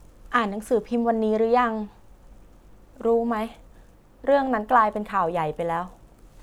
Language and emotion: Thai, frustrated